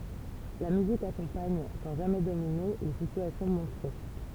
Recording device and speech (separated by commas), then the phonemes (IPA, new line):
temple vibration pickup, read sentence
la myzik akɔ̃paɲ sɑ̃ ʒamɛ domine le sityasjɔ̃ mɔ̃tʁe